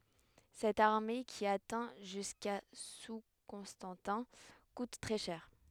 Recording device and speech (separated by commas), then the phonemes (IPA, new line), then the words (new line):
headset microphone, read sentence
sɛt aʁme ki atɛ̃ ʒyska su kɔ̃stɑ̃tɛ̃ kut tʁɛ ʃɛʁ
Cette armée qui atteint jusqu'à sous Constantin coûte très cher.